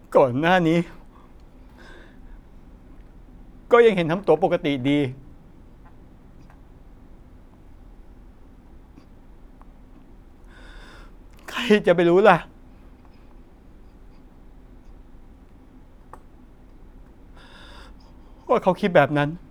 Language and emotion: Thai, sad